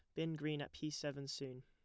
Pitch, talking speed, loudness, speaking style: 145 Hz, 250 wpm, -44 LUFS, plain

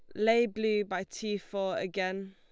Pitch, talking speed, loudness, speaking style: 200 Hz, 170 wpm, -31 LUFS, Lombard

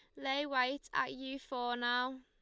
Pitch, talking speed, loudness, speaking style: 260 Hz, 180 wpm, -36 LUFS, Lombard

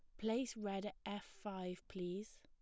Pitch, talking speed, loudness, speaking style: 205 Hz, 165 wpm, -45 LUFS, plain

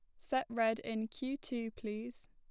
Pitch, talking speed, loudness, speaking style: 230 Hz, 175 wpm, -38 LUFS, plain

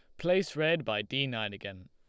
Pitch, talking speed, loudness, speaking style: 135 Hz, 215 wpm, -31 LUFS, Lombard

